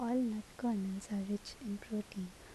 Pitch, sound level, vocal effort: 210 Hz, 72 dB SPL, soft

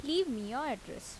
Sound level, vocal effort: 83 dB SPL, normal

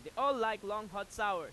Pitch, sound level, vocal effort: 215 Hz, 101 dB SPL, very loud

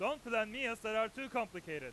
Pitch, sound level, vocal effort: 225 Hz, 105 dB SPL, very loud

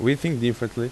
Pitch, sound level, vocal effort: 120 Hz, 86 dB SPL, loud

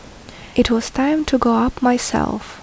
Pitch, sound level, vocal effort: 245 Hz, 72 dB SPL, soft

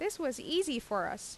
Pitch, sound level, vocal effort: 300 Hz, 86 dB SPL, normal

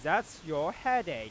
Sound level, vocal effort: 100 dB SPL, loud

